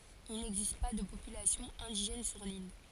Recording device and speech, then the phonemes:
forehead accelerometer, read sentence
il nɛɡzist pa də popylasjɔ̃ ɛ̃diʒɛn syʁ lil

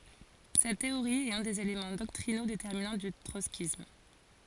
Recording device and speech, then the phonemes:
forehead accelerometer, read sentence
sɛt teoʁi ɛt œ̃ dez elemɑ̃ dɔktʁino detɛʁminɑ̃ dy tʁɔtskism

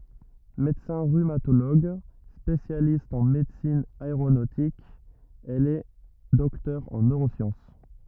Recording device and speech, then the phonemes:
rigid in-ear microphone, read sentence
medəsɛ̃ ʁymatoloɡ spesjalist ɑ̃ medəsin aeʁonotik ɛl ɛ dɔktœʁ ɑ̃ nøʁosjɑ̃s

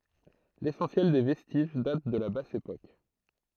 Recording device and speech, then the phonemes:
throat microphone, read sentence
lesɑ̃sjɛl de vɛstiʒ dat də la bas epok

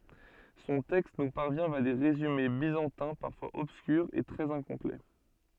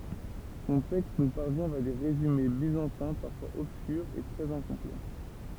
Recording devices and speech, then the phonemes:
soft in-ear microphone, temple vibration pickup, read sentence
sɔ̃ tɛkst nu paʁvjɛ̃ vja de ʁezyme bizɑ̃tɛ̃ paʁfwaz ɔbskyʁz e tʁɛz ɛ̃kɔ̃plɛ

